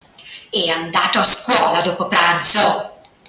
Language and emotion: Italian, angry